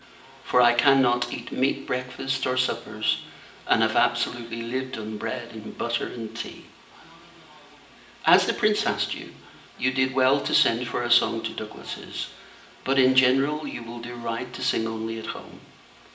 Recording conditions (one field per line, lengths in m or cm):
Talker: one person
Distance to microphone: 1.8 m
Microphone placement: close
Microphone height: 1.0 m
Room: large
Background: television